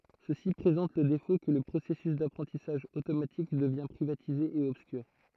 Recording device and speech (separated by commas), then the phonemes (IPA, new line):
throat microphone, read sentence
səsi pʁezɑ̃t lə defo kə lə pʁosɛsys dapʁɑ̃tisaʒ otomatik dəvjɛ̃ pʁivatize e ɔbskyʁ